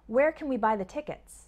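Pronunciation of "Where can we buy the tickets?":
In 'Where can we buy the tickets?', 'can' sounds more like 'kin'.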